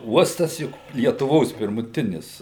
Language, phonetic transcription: Lithuanian, ˈuostas ˈjuk lietuˈvos pirmuˈtinis

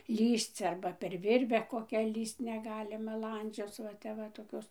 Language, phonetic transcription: Lithuanian, ˈlįsc ˈarba per ˈvirve koˈkią ˈlįst neˈgalima ˈlandžioc va ˈtep va toˈkios

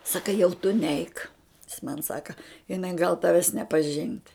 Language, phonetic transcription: Lithuanian, ˈsaka jau tu ˈneik jis man ˈsaka iˈnai gal ˈtaves nepaˈžint

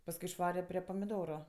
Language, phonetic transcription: Lithuanian, pasˈkui išˈvare ˈprė pamiˈdoru

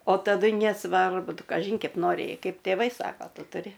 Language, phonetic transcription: Lithuanian, o taˈdu nesˈvarbu ˈtu kaˈžyn kep ˈnori ˈkeip tėˈvai ˈsako ˈtu tuˈri

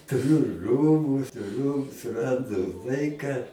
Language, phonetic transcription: Lithuanian, tuˈriu ˈrūbu tuˈriu suˈrandu ˈlaika

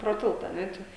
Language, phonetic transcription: Lithuanian, pro ˈtilta a ˈne ˈčia

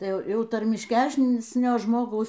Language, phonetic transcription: Lithuanian, tai ˈjau ˈjau tarmišˈkæsnio ˈžmogaus

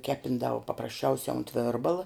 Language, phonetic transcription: Lithuanian, ˈkepindavu paprasˈčiausia unt ˈvėrbala

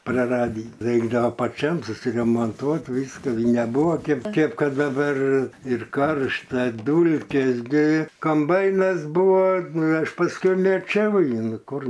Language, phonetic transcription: Lithuanian, praˈradį ˈreikdavo paˈčiam susiremonˈtuot ˈvyska neˈbuvo ˈkėp ˈkėp kad daˈbar ir ˈkaršta ˈdūlkės gi komˈbainas ˈbūvo ˈaš pasˈkui meˈčiau ˈjį ˈnu ˈkur

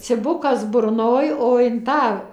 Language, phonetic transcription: Lithuanian, ciˈbukas burˈnoj o in ˈtą

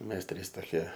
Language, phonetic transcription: Lithuanian, ˈmes ˈtrys toˈkie

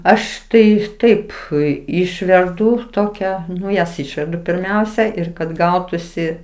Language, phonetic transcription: Lithuanian, ˈaš tai ˈtaip ˈui ˈišverdu ˈtokia ˈnu jas ˈišverdu pirˈmiausia ˈir kad ˈgautusi

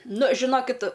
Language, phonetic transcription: Lithuanian, ˈnu žiˈnokit

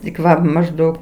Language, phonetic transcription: Lithuanian, tik ˈva mažˈdaug

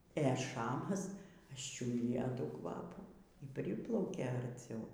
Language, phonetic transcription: Lithuanian, ė ˈšamas ašˈčiudija ˈtų ˈkvapų y ˈpriplaukė arˈciau

